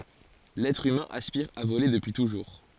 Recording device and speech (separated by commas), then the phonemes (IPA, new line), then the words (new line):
forehead accelerometer, read sentence
lɛtʁ ymɛ̃ aspiʁ a vole dəpyi tuʒuʁ
L'être humain aspire à voler depuis toujours.